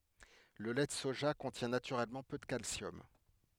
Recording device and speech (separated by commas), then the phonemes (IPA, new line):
headset microphone, read sentence
lə lɛ də soʒa kɔ̃tjɛ̃ natyʁɛlmɑ̃ pø də kalsjɔm